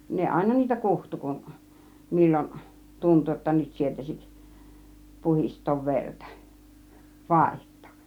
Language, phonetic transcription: Finnish, 'ne "àina 'niitä "kuhtu kuˀ , 'mil͕l͕on , 'tuntu jotta 'nyt 'sietäsik , 'puhist̆toov "verta͕ , "vàiht̆tOOˀ .
- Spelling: ne aina niitä kutsui kun milloin tuntui jotta nyt sietäisi puhdistaa verta vaihtaa

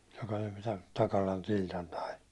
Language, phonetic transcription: Finnish, joka (tän) 'Takalan "Tiltan nai .
- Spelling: joka tämän Takalan Tiltan nai

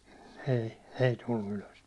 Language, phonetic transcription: Finnish, 'ei , 'ei 'tullu "ylös .
- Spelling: ei ei tullut ylös

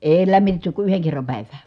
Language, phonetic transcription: Finnish, èi lämmitetty ku yheŋ kerram pä̀ivää .
- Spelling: ei lämmitetty kuin yhden kerran päivään

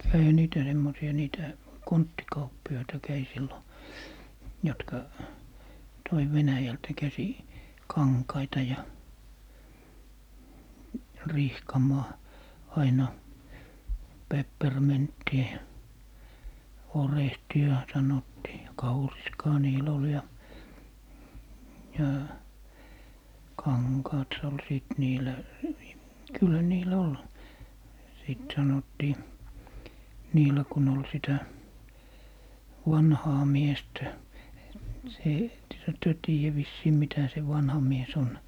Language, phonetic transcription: Finnish, 'käihä "niitä semmosi₍a 'niitä , "konttikauppi₍aita 'käi 'sillo , 'jɔtka , 'toi 'Venäjältä 'käsi , "kaŋkaita ja , "rihkamà , 'aina , 'pepper"mintti₍ä ja , "orehti₍a , 'sanottii ja "kauriskaa niil ‿ol ja , ja , "kaŋkaat s - ol 'sìt 'niilä , 'kyllä 'niilä "ol , sìt 'sanottii , "niilä kun ‿ol 'sitä , "wanhaa "miestä , se , ettehä työ 'tiijä vissii , 'mitä se 'vanha mies 'on ?
- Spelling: kävihän niitä semmoisia niitä konttikauppiaita kävi silloin jotka toi Venäjältä käsin kankaita ja rihkamaa aina pepperminttiä ja orehtia sanottiin ja kauriskaa niillä oli ja ja kankaat - oli sitten niillä kyllä niillä oli sitten sanottiin niillä kun oli sitä vanhaa miestä se ettehän te tiedä vissiin mitä se vanha mies on

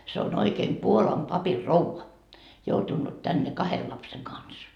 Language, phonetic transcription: Finnish, se on oikeem 'Puolam 'papir"rouva , 'joutunnut 'tänne "kahel 'lapseŋ "kans .
- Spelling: se on oikein Puolan papinrouva joutunut tänne kahden lapsen kanssa

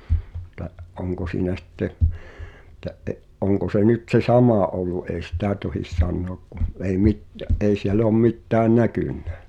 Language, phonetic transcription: Finnish, [et]t̀ä '’oŋko siinä sⁱtte , [et]tä ’e- , '’oŋko se 'nyt se "samà ’ol̆lu èi "sitä̀ tohis 'san̆noak ku , ei 'mitt̳ᵃ̈- , ’ei siel ‿oom 'mittään "näkynnᴀ̈ .
- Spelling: että onko siinä sitten että - onko se nyt se sama ollut ei sitä tohdi sanoa kun ei - ei siellä ole mitään näkynyt

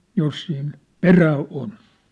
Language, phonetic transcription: Finnish, 'jos siin , "perää 'on .
- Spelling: jos siinä perää on

